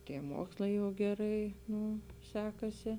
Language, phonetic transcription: Lithuanian, ˈtie ˈmokslai jau geˈrai ˈnū ˈsekasi

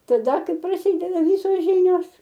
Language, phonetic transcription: Lithuanian, taˈda ˈkai praˈsydeda ˈvysos ˈžynios

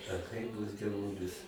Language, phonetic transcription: Lithuanian, a kai ˈduos dieˈvulis

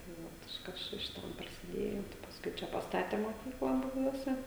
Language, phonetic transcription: Lithuanian, tai ˈvot iš ˈkas čia šiˈtam prasiˈdėjo tai pasˈkui ˈčia pasˈtate moˈkykla buˈbiuose

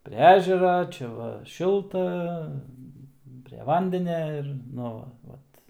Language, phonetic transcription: Lithuanian, ˈpre ˈežera ˈčia va ˈšilta pre ˈvandenia ir ˈnu va ˈvat

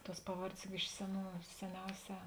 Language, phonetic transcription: Lithuanian, tuos ˈpaˌvardės juk ˈiš seˌnų seˈniauˌsē

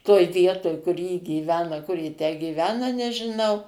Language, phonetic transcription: Lithuanian, toj ˈvietoj kur ji gyˈvena kur ji tę gyˈvena nežiˈnau

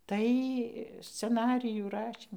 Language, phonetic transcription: Lithuanian, ˈtai sceˈnarijų ˈrašym

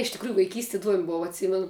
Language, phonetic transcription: Lithuanian, iš tikˈrųju vaiˈkysti iˈduom' ˈbova atˈsymenu

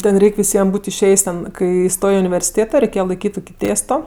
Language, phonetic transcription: Lithuanian, ˈten ˈreik' viˈsiem ˈbūt' išˈėjs' ten ˈkai ˈstoj i universiˈtėto reiˈkėje laiˈkyt' ˈtuki ˈtėsto

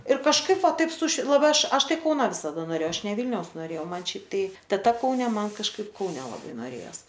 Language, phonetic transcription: Lithuanian, ir kažˈkaip ˈva ˈtaip suši laˈbai ˈaš ˈaš ˈtai ˈkauna visaˈda noˈrėjau ˈaš ne ˈvylniaus noˈrėjau ˈman ˈšiaip ˈtai teˈta kauˈne ˈman kažˈkaip kauˈne laˈbai noˈrėjos

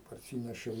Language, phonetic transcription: Lithuanian, parˈsynešiau

